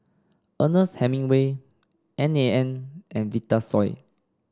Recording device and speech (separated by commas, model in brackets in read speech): standing microphone (AKG C214), read sentence